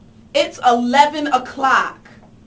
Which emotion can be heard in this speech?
angry